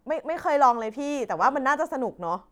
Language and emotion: Thai, happy